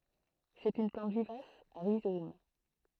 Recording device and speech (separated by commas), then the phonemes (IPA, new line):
throat microphone, read sentence
sɛt yn plɑ̃t vivas a ʁizom